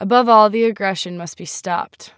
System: none